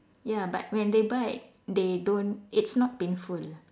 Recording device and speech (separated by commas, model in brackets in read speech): standing microphone, conversation in separate rooms